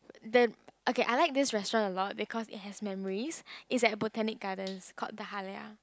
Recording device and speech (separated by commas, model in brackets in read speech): close-talking microphone, conversation in the same room